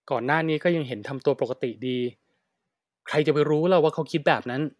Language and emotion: Thai, frustrated